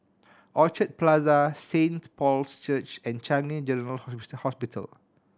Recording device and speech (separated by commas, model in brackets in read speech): standing microphone (AKG C214), read sentence